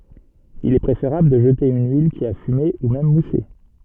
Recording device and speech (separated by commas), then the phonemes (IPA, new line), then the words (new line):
soft in-ear microphone, read sentence
il ɛ pʁefeʁabl də ʒəte yn yil ki a fyme u mɛm muse
Il est préférable de jeter une huile qui a fumé, ou même moussé.